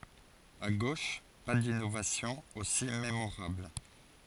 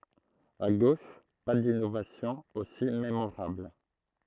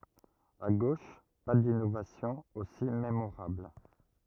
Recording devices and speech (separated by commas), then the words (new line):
forehead accelerometer, throat microphone, rigid in-ear microphone, read sentence
À gauche, pas d’innovations aussi mémorables.